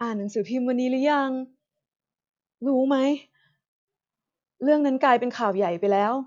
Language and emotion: Thai, frustrated